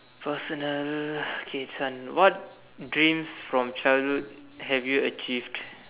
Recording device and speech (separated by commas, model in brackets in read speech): telephone, conversation in separate rooms